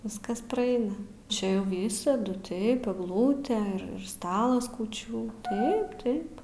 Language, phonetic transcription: Lithuanian, ˈviskas praˈaina ˈčia jau ˈvysadu ˈtaip egˈlūtė ir ir ˈstalas kūˈčių ˈtaip ˈtaip

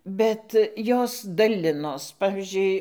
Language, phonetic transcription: Lithuanian, ˈbet ˈjos daˈlinos ˈpavizdžiui

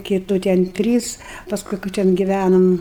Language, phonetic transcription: Lithuanian, kiˈtų ten ˈtrys pasˈkui ka ˈten giˈvænom

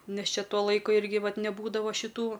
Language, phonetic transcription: Lithuanian, ˈnes ˈčia ˈtuo ˈlaiku ˈirgi ˈvat neˈbūdava šiˈtų

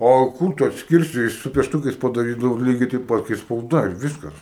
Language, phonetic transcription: Lithuanian, ˈo ˈkūr tu atsˈkirsi su piešˈtukais padaˈrydavo ˈlygiai teip ˈpat kai spauˈda ir ˈviskas

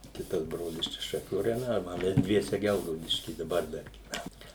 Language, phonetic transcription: Lithuanian, ˈkitas ˈbrolis ˈčia šaˈkių rajoˈne o ˈmes ˈdviese ˈgelgaudišky daˈbar ˈdar gyˈvænam

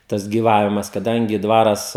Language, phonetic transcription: Lithuanian, ˈtas gyˈvavimas kaˈdangi ˈdvaras

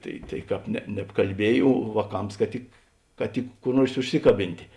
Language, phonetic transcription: Lithuanian, ˈtai tai ˈkāp ne nebkalˈbiej o vāˈkams ka ˈtik ka ˈtik kur ˈnuors užˈsikaˌbintė

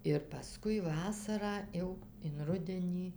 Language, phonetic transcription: Lithuanian, ir paˈskui ˈvasarą ˈjau in ˈrudenį

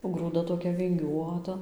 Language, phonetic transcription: Lithuanian, o grūˈda toˈkia vinˈgiuota

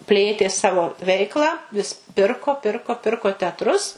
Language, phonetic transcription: Lithuanian, ˈplėtė ˈsavo ˈveiklą vis ˈpirko ˈpirko ˈpirko teatˈrus

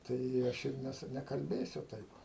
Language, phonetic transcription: Lithuanian, ˈtai i ˈaš ir ˈnesu nekalˈbėsiu ˈtaip

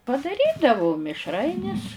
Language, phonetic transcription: Lithuanian, padaˈrydavu mišˈrainis

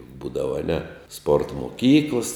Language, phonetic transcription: Lithuanian, ˈbūdava aˈne sport moˈkyklas

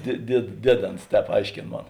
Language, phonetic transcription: Lithuanian, die died ˈdieˌdėns ˈtēp ˈaiškėn ˈmon

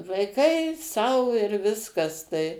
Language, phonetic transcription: Lithuanian, vaiˈkai ˈsau ir ˈviskas tai

